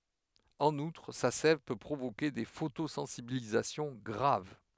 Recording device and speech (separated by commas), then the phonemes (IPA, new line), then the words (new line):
headset microphone, read sentence
ɑ̃n utʁ sa sɛv pø pʁovoke de fotosɑ̃sibilizasjɔ̃ ɡʁav
En outre, sa sève peut provoquer des photosensibilisations graves.